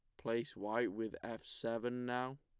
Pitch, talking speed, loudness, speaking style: 115 Hz, 165 wpm, -41 LUFS, plain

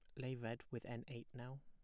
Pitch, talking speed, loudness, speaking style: 120 Hz, 250 wpm, -49 LUFS, plain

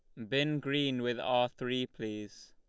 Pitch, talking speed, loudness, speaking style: 125 Hz, 165 wpm, -33 LUFS, Lombard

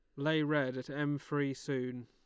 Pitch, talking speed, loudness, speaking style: 140 Hz, 195 wpm, -35 LUFS, Lombard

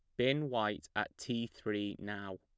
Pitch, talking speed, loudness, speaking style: 105 Hz, 165 wpm, -37 LUFS, plain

